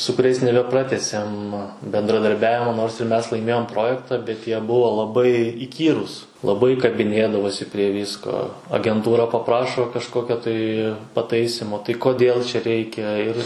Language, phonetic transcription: Lithuanian, su kuˈriais nebeˈpratęsėm bendradarˈbiavimo nors ir ˈmes laiˈmėjom ˈprojektą bet jie ˈbuvo laˈbai iˈkyrūs laˈbai kabiˈnėdavosi prie ˈvysko agenˈtūra paˈprašo kažˈkokio tai paˈtaisimo tai koˈdėl čia ˈreikia ir

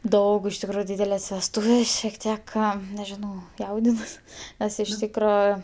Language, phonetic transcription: Lithuanian, ˈdaug iš tikˈrųju ˈdydeles vesˈtūvės šiek ˈtiek ˈką nežiˈnau ˈjaudinuos ˈnes iš ˈtykro

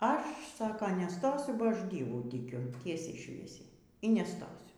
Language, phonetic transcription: Lithuanian, ˈaš ˈsaka neˈstosiu ba ˈaš ˈdievų tiˈkiu ˈtiesiai ˈšviesiai y neˈstosiu

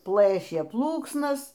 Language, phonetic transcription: Lithuanian, ˈplɘšė ˈplūksnas

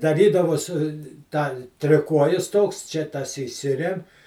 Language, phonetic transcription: Lithuanian, daˈrydavos ˈtą triˈkuojis ˈtoks čia ˈtas įˈsirem

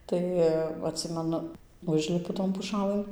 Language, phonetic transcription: Lithuanian, ˈtai atˈsimenu ˈužlipu ton puˈšalɘn

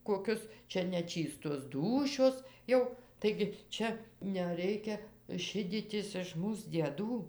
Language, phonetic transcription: Lithuanian, koˈkius ˈčia neˈčystos ˈdūšios ˈjau taigi ˈčia neˈreikia ˈšidytis iš ˈmūs dieˈdų

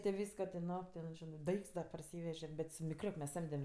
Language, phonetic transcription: Lithuanian, ti ˈvysko ti ˈno ˈten ˈžinɜ ˈdaikts da parˈsyveže bet su mikˈriok mes ˈsamdem

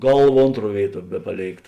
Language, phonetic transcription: Lithuanian, ˈgalˌva ˈontˌruo ˈvėiˌtuo ˈbepaˌlėikt

